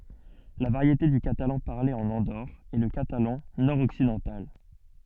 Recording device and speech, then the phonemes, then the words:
soft in-ear microphone, read sentence
la vaʁjete dy katalɑ̃ paʁle ɑ̃n ɑ̃doʁ ɛ lə katalɑ̃ nɔʁ ɔksidɑ̃tal
La variété du catalan parlée en Andorre est le catalan nord-occidental.

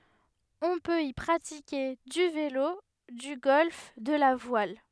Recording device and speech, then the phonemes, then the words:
headset microphone, read sentence
ɔ̃ pøt i pʁatike dy velo dy ɡɔlf də la vwal
On peut y pratiquer du vélo, du golf, de la voile.

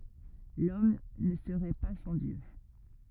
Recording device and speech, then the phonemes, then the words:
rigid in-ear microphone, read sentence
lɔm nə səʁɛ pa sɑ̃ djø
L'homme ne serait pas sans Dieu.

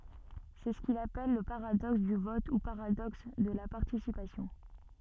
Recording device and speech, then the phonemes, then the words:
soft in-ear microphone, read sentence
sɛ sə kil apɛl lə paʁadɔks dy vɔt u paʁadɔks də la paʁtisipasjɔ̃
C'est ce qu'il appelle le paradoxe du vote ou paradoxe de la participation.

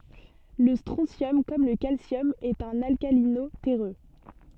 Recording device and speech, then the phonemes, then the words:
soft in-ear microphone, read sentence
lə stʁɔ̃sjɔm kɔm lə kalsjɔm ɛt œ̃n alkalino tɛʁø
Le strontium, comme le calcium, est un alcalino-terreux.

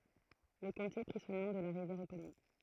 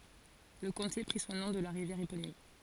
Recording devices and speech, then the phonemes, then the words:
throat microphone, forehead accelerometer, read sentence
lə kɔ̃te pʁi sɔ̃ nɔ̃ də la ʁivjɛʁ eponim
Le comté prit son nom de la rivière éponyme.

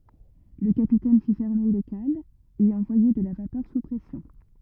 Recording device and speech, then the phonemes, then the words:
rigid in-ear microphone, read sentence
lə kapitɛn fi fɛʁme le kalz e ɑ̃vwaje də la vapœʁ su pʁɛsjɔ̃
Le capitaine fit fermer les cales et envoyer de la vapeur sous pression.

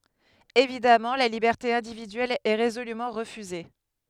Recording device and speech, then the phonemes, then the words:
headset microphone, read sentence
evidamɑ̃ la libɛʁte ɛ̃dividyɛl ɛ ʁezolymɑ̃ ʁəfyze
Évidemment, la liberté individuelle est résolument refusée.

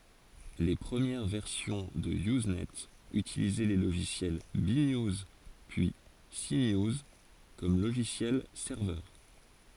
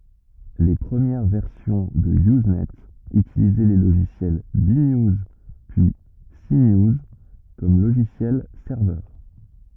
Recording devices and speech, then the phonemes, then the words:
forehead accelerometer, rigid in-ear microphone, read sentence
le pʁəmjɛʁ vɛʁsjɔ̃ də yznɛ ytilizɛ le loʒisjɛl be njuz pyi se njuz kɔm loʒisjɛl sɛʁvœʁ
Les premières versions de Usenet utilisaient les logiciels B-News, puis C-News comme logiciels serveurs.

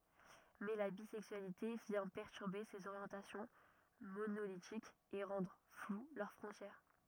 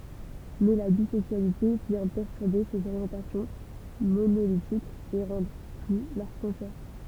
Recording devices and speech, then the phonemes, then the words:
rigid in-ear microphone, temple vibration pickup, read sentence
mɛ la bizɛksyalite vjɛ̃ pɛʁtyʁbe sez oʁjɑ̃tasjɔ̃ monolitikz e ʁɑ̃dʁ flw lœʁ fʁɔ̃tjɛʁ
Mais la bisexualité vient perturber ces orientations monolithiques et rendre floues leurs frontières.

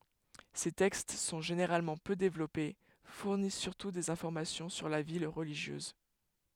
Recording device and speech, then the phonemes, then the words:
headset microphone, read sentence
se tɛkst sɔ̃ ʒeneʁalmɑ̃ pø devlɔpe fuʁnis syʁtu dez ɛ̃fɔʁmasjɔ̃ syʁ la vi ʁəliʒjøz
Ces textes sont généralement peu développés, fournissent surtout des informations sur la vie religieuse.

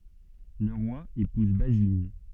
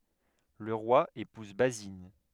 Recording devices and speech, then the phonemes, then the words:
soft in-ear microphone, headset microphone, read sentence
lə ʁwa epuz bazin
Le roi épouse Basine.

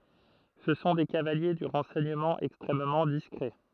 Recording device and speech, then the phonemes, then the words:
throat microphone, read sentence
sə sɔ̃ de kavalje dy ʁɑ̃sɛɲəmɑ̃ ɛkstʁɛmmɑ̃ diskʁɛ
Ce sont des cavaliers du renseignement extrêmement discret.

